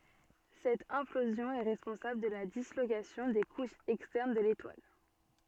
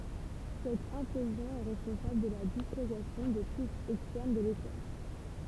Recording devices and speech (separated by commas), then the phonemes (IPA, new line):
soft in-ear microphone, temple vibration pickup, read sentence
sɛt ɛ̃plozjɔ̃ ɛ ʁɛspɔ̃sabl də la dislokasjɔ̃ de kuʃz ɛkstɛʁn də letwal